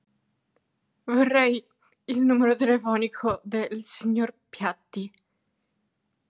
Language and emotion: Italian, sad